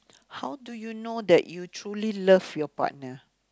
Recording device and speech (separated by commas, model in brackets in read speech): close-talking microphone, conversation in the same room